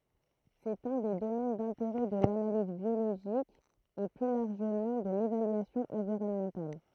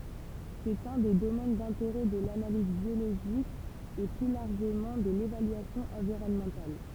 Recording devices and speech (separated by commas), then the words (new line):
throat microphone, temple vibration pickup, read sentence
C'est un des domaines d'intérêt de l'analyse biologique et plus largement de l'évaluation environnementale.